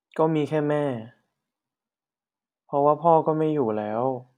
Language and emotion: Thai, frustrated